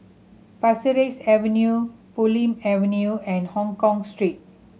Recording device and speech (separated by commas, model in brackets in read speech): mobile phone (Samsung C7100), read sentence